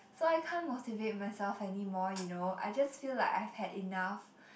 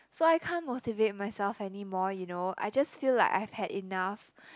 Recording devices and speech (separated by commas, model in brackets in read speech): boundary microphone, close-talking microphone, conversation in the same room